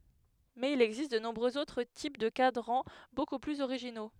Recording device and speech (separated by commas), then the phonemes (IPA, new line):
headset microphone, read sentence
mɛz il ɛɡzist də nɔ̃bʁøz otʁ tip də kadʁɑ̃ boku plyz oʁiʒino